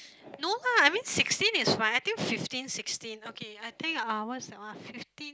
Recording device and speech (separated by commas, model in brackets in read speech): close-talking microphone, conversation in the same room